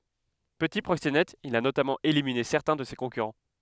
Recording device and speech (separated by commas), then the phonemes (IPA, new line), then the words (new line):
headset microphone, read sentence
pəti pʁoksenɛt il a notamɑ̃ elimine sɛʁtɛ̃ də se kɔ̃kyʁɑ̃
Petit proxénète, il a notamment éliminé certains de ses concurrents.